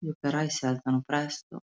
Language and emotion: Italian, sad